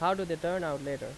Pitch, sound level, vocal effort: 170 Hz, 88 dB SPL, loud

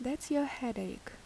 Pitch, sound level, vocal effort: 275 Hz, 75 dB SPL, soft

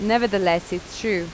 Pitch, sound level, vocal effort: 185 Hz, 86 dB SPL, normal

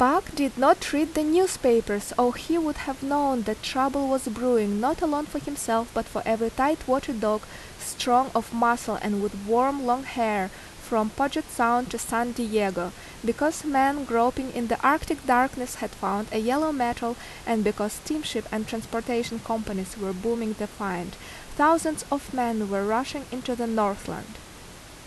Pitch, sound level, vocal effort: 240 Hz, 82 dB SPL, loud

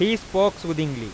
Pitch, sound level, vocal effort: 185 Hz, 95 dB SPL, loud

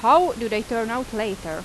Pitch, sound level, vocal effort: 215 Hz, 89 dB SPL, loud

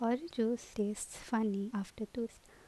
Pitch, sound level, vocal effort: 230 Hz, 75 dB SPL, soft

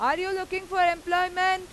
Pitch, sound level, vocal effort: 370 Hz, 100 dB SPL, very loud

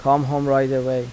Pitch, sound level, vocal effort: 135 Hz, 86 dB SPL, normal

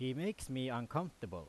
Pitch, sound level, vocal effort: 130 Hz, 89 dB SPL, very loud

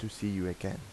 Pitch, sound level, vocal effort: 95 Hz, 81 dB SPL, soft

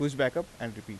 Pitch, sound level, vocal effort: 130 Hz, 87 dB SPL, normal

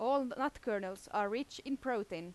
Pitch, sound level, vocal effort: 245 Hz, 87 dB SPL, loud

